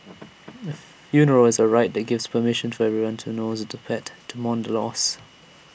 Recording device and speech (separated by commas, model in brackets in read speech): boundary microphone (BM630), read sentence